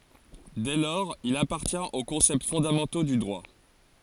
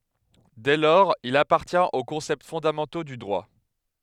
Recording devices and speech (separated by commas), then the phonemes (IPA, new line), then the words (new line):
forehead accelerometer, headset microphone, read sentence
dɛ lɔʁz il apaʁtjɛ̃t o kɔ̃sɛpt fɔ̃damɑ̃to dy dʁwa
Dès lors il appartient aux concepts fondamentaux du droit.